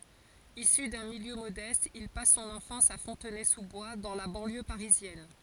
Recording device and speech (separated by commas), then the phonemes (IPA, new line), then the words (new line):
forehead accelerometer, read sentence
isy dœ̃ miljø modɛst il pas sɔ̃n ɑ̃fɑ̃s a fɔ̃tnɛzuzbwa dɑ̃ la bɑ̃ljø paʁizjɛn
Issu d'un milieu modeste, il passe son enfance à Fontenay-sous-Bois, dans la banlieue parisienne.